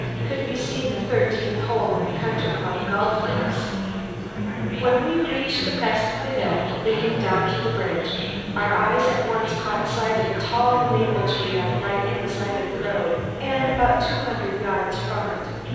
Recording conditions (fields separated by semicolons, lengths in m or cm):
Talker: one person; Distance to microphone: 7.1 m; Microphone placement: far; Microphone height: 1.7 m; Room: very reverberant, large; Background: babble